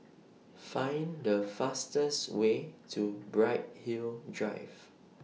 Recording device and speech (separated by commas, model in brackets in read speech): mobile phone (iPhone 6), read sentence